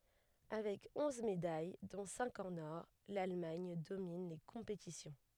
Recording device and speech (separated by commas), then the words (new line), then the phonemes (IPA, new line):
headset microphone, read sentence
Avec onze médailles, dont cinq en or, l'Allemagne domine les compétitions.
avɛk ɔ̃z medaj dɔ̃ sɛ̃k ɑ̃n ɔʁ lalmaɲ domin le kɔ̃petisjɔ̃